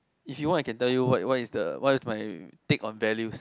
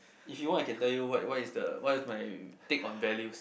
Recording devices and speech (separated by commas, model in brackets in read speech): close-talking microphone, boundary microphone, conversation in the same room